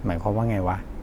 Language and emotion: Thai, neutral